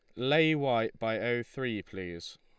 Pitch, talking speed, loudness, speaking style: 115 Hz, 165 wpm, -31 LUFS, Lombard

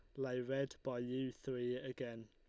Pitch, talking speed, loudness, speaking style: 130 Hz, 170 wpm, -43 LUFS, Lombard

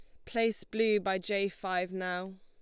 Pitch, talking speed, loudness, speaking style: 190 Hz, 170 wpm, -32 LUFS, Lombard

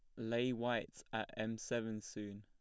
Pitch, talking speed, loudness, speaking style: 110 Hz, 165 wpm, -41 LUFS, plain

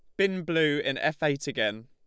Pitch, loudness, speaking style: 150 Hz, -27 LUFS, Lombard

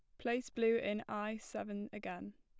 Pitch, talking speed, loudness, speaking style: 215 Hz, 165 wpm, -39 LUFS, plain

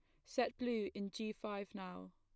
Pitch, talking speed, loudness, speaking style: 200 Hz, 190 wpm, -43 LUFS, plain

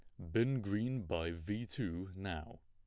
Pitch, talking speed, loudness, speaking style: 100 Hz, 160 wpm, -39 LUFS, plain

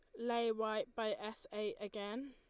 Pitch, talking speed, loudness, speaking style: 220 Hz, 170 wpm, -41 LUFS, Lombard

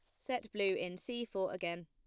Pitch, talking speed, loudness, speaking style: 190 Hz, 215 wpm, -38 LUFS, plain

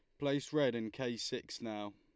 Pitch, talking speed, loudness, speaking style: 120 Hz, 205 wpm, -38 LUFS, Lombard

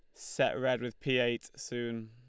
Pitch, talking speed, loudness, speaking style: 125 Hz, 195 wpm, -33 LUFS, Lombard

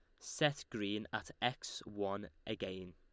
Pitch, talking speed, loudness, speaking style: 105 Hz, 130 wpm, -41 LUFS, Lombard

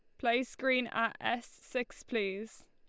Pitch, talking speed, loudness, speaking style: 235 Hz, 145 wpm, -34 LUFS, Lombard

